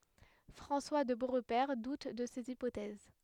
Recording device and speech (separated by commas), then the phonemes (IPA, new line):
headset microphone, read sentence
fʁɑ̃swa də boʁpɛʁ dut də sez ipotɛz